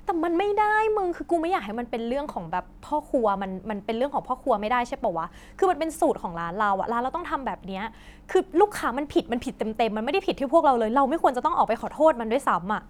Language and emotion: Thai, angry